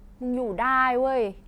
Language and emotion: Thai, frustrated